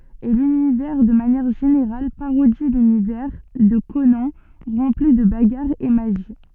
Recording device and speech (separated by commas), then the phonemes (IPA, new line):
soft in-ear microphone, read sentence
e lynivɛʁ də manjɛʁ ʒeneʁal paʁodi lynivɛʁ də konɑ̃ ʁɑ̃pli də baɡaʁz e maʒi